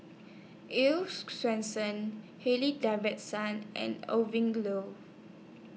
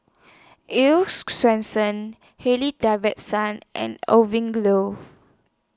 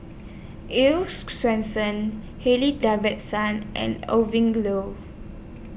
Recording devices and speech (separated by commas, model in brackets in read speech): mobile phone (iPhone 6), standing microphone (AKG C214), boundary microphone (BM630), read sentence